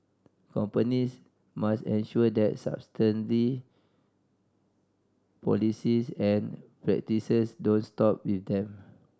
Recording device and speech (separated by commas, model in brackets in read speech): standing microphone (AKG C214), read sentence